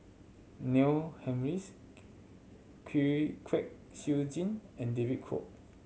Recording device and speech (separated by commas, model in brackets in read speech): mobile phone (Samsung C7100), read sentence